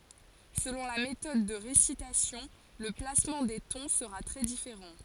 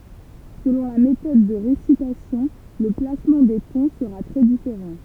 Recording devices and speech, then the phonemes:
forehead accelerometer, temple vibration pickup, read sentence
səlɔ̃ la metɔd də ʁesitasjɔ̃ lə plasmɑ̃ de tɔ̃ səʁa tʁɛ difeʁɑ̃

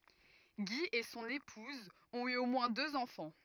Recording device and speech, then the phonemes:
rigid in-ear microphone, read sentence
ɡi e sɔ̃n epuz ɔ̃t y o mwɛ̃ døz ɑ̃fɑ̃

